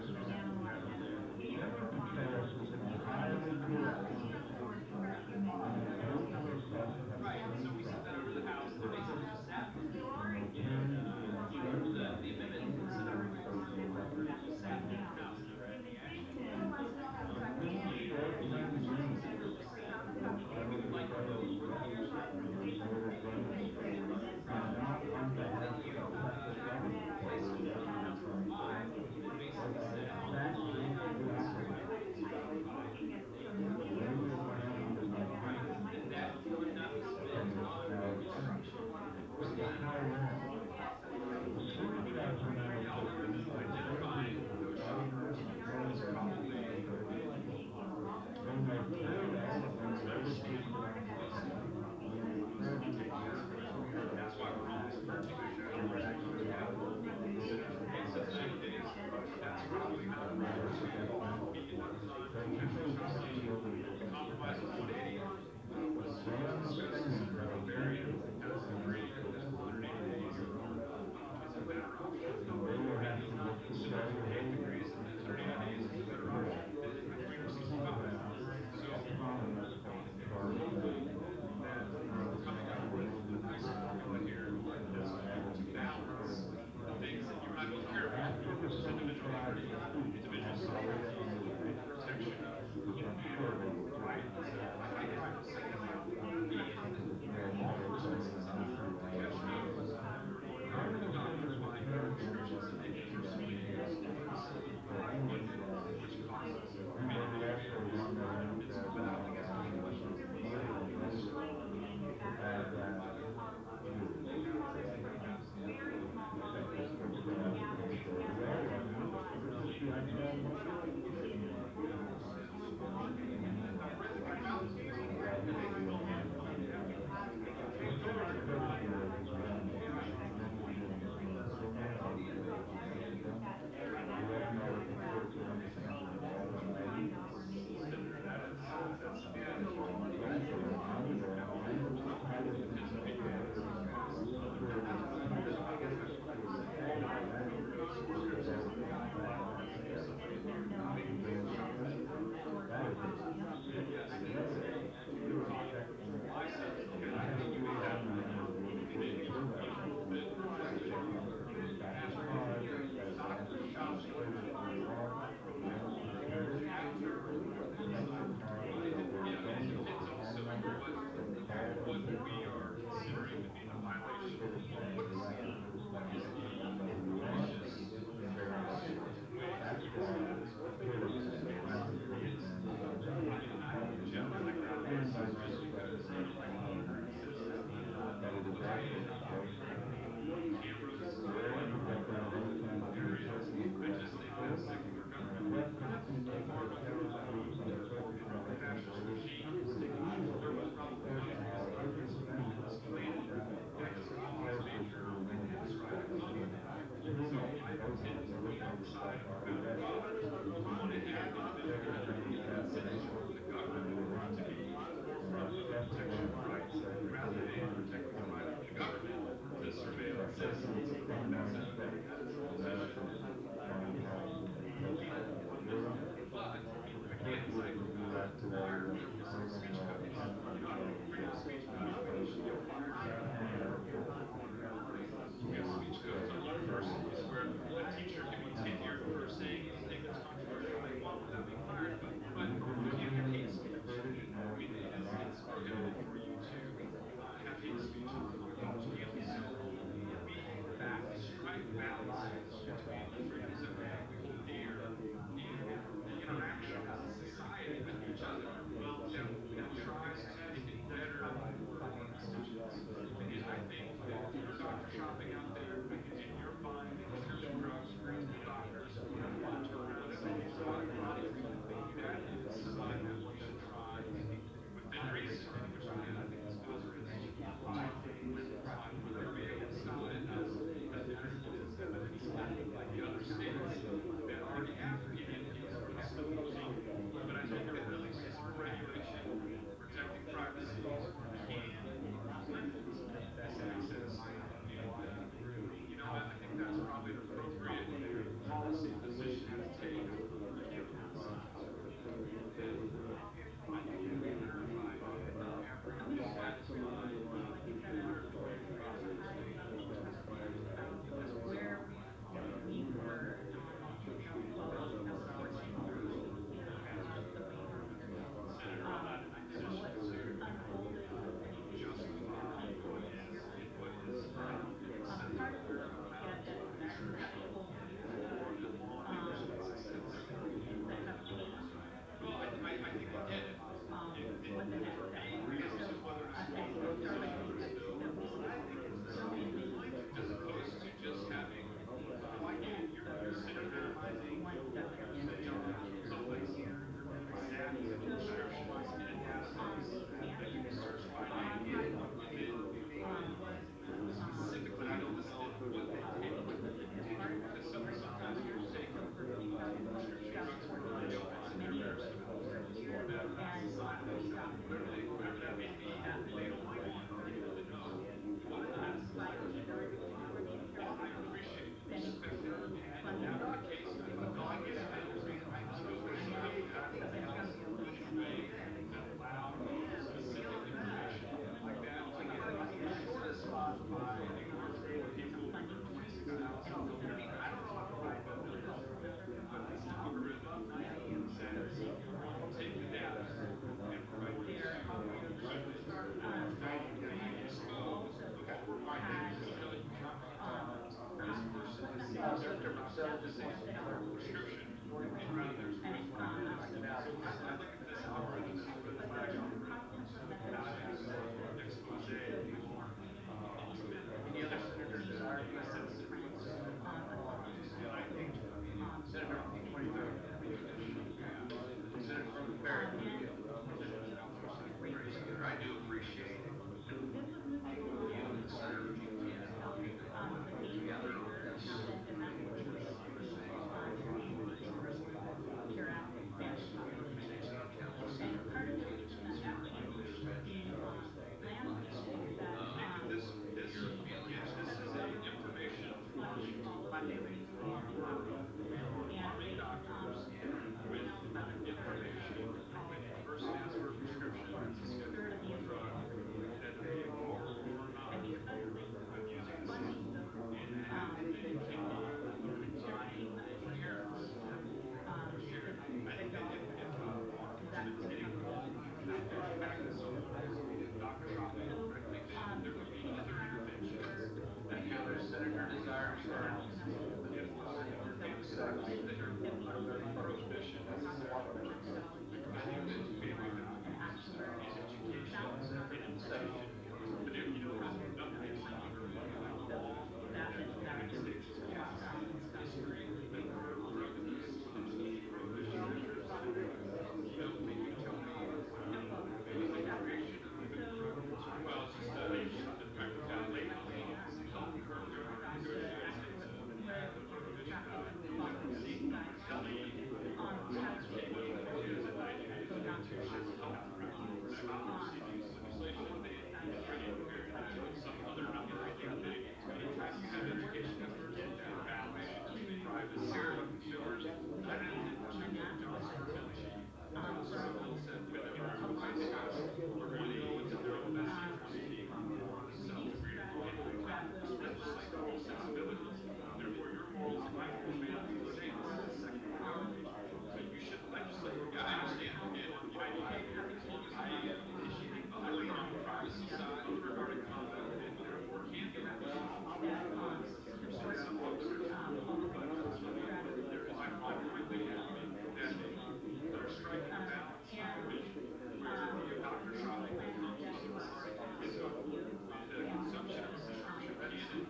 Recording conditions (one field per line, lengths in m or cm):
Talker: no one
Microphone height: 1.8 m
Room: medium-sized (5.7 m by 4.0 m)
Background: babble